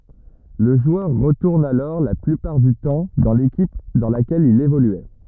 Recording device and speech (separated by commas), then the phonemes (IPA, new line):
rigid in-ear microphone, read sentence
lə ʒwœʁ ʁətuʁn alɔʁ la plypaʁ dy tɑ̃ dɑ̃ lekip dɑ̃ lakɛl il evolyɛ